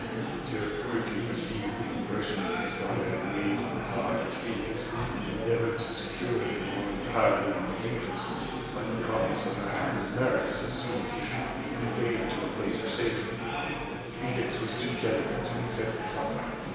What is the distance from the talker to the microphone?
1.7 m.